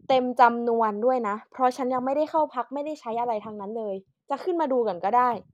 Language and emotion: Thai, angry